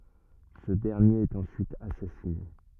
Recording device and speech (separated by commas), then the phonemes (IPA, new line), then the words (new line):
rigid in-ear microphone, read sentence
sə dɛʁnjeʁ ɛt ɑ̃syit asasine
Ce dernier est ensuite assassiné.